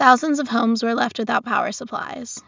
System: none